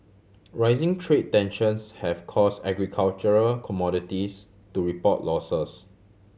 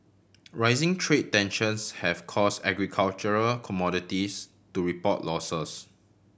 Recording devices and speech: mobile phone (Samsung C7100), boundary microphone (BM630), read sentence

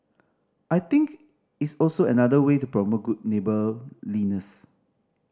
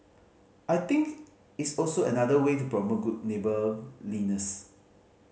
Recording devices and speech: standing microphone (AKG C214), mobile phone (Samsung C5010), read sentence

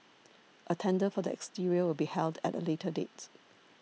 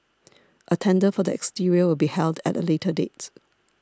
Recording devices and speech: mobile phone (iPhone 6), standing microphone (AKG C214), read sentence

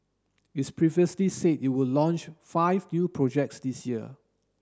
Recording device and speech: standing microphone (AKG C214), read sentence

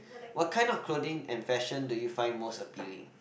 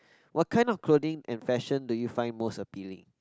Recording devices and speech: boundary microphone, close-talking microphone, conversation in the same room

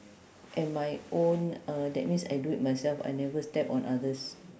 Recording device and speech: standing microphone, conversation in separate rooms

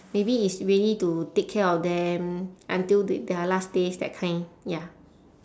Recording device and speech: standing microphone, conversation in separate rooms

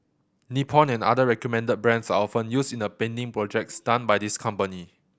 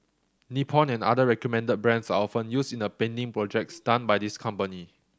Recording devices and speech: boundary microphone (BM630), standing microphone (AKG C214), read sentence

